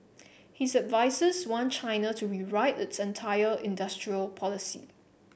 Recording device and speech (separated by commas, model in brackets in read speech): boundary microphone (BM630), read sentence